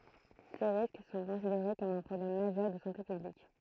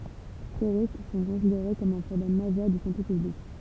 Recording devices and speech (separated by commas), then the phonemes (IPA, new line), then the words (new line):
throat microphone, temple vibration pickup, read sentence
se ʁisk sɔ̃ kɔ̃sideʁe kɔm œ̃ pʁɔblɛm maʒœʁ də sɑ̃te pyblik
Ces risques sont considérés comme un problème majeur de santé publique.